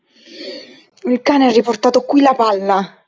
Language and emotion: Italian, angry